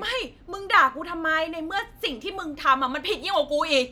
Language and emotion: Thai, angry